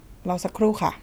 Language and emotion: Thai, neutral